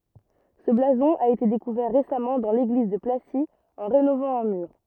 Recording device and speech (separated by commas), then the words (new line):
rigid in-ear microphone, read sentence
Ce blason a été découvert récemment dans l'église de Placy en rénovant un mur.